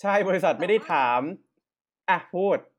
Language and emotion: Thai, frustrated